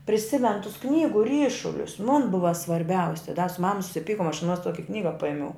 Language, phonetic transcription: Lithuanian, priˈsimenu tus ˈknygu ˈryšulius mun ˈbuva svarˈbiausi da su ˈmama susiˈpykom aš aˈnuos ˈtuoki ˈknyga ˈpaimiau

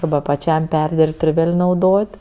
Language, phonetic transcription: Lithuanian, arˈba paˈčiam ˈperdirbt ir ˈvėl' nauˈdot'

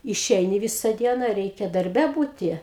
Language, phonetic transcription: Lithuanian, iˈšeini ˈvisa ˈdiena ˈreikia darˈbe ˈbūti

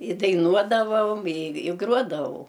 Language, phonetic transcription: Lithuanian, i daiˈnuodavaom i i ˈgruodavau

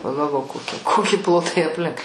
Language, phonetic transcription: Lithuanian, pagalˈvok koˈki ˈkoki ˈplotai apˈlink

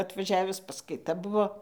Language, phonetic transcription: Lithuanian, atvaˈžiavis paskaiˈta ˈbuvo

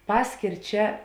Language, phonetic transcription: Lithuanian, ˈpaskėr ˈčia

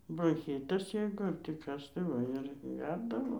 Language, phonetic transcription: Lithuanian, bronˈchytas ˈjeigu ar tį ˈkas tai ˈva ir ˈgerdavo

